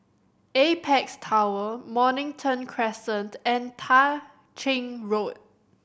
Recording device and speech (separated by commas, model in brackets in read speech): boundary microphone (BM630), read sentence